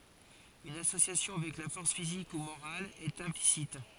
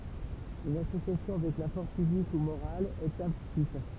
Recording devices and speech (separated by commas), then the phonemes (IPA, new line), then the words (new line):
forehead accelerometer, temple vibration pickup, read sentence
yn asosjasjɔ̃ avɛk la fɔʁs fizik u moʁal ɛt ɛ̃plisit
Une association avec la force physique ou morale est implicite.